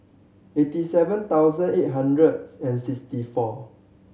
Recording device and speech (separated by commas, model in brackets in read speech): mobile phone (Samsung C7100), read sentence